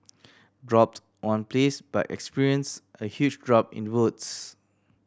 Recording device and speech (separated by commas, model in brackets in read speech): standing microphone (AKG C214), read sentence